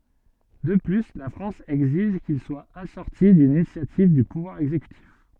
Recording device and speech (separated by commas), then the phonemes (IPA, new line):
soft in-ear microphone, read sentence
də ply la fʁɑ̃s ɛɡziʒ kil swa asɔʁti dyn inisjativ dy puvwaʁ ɛɡzekytif